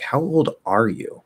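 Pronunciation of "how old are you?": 'Old' and 'are' are not linked but separated, and the d is not connected to 'are', so it does not sound like 'how older'. 'Are' flows into 'you'.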